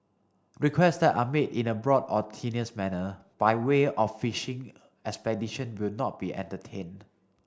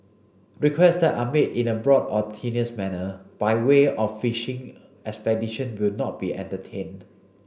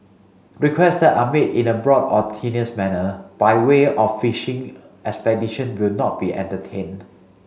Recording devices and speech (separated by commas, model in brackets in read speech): standing microphone (AKG C214), boundary microphone (BM630), mobile phone (Samsung C5), read sentence